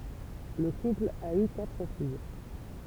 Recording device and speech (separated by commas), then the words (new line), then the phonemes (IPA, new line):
temple vibration pickup, read sentence
Le couple a eu quatre filles.
lə kupl a y katʁ fij